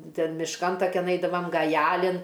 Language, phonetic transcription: Lithuanian, ˈten mišˈkan taˈkian ˈaidavam gaˈjalin

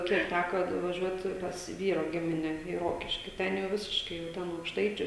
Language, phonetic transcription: Lithuanian, ˈkiek ˈtæko nuvaˈžiuot pas ˈvyro ˈgimine į ˈrokiški ˈten jau ˈvisiškai jau ˈten aukšˈtaičiu

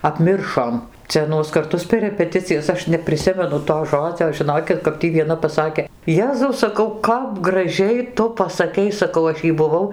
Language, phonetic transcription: Lithuanian, apˈmiršom ˈcia aˈnuos karˈtus per repeˈticijas ˈaš nepriˈsimenu to ˈžodzio žiˈnokit kap ˈtį vieˈna paˈsakė ˈjezau saˈkau ˈkap graˈžiai ˈtu pasaˈkei saˈkau ˈaš jei buˈvau

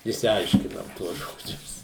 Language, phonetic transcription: Lithuanian, išsiˈaiškinam ˈtuos ˈžodžius

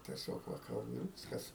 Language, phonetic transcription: Lithuanian, tieˈsiog ˈva ˈkalbu ir ˈviskas

